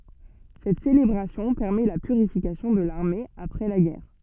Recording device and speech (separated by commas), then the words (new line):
soft in-ear microphone, read sentence
Cette célébration permet la purification de l'armée après la guerre.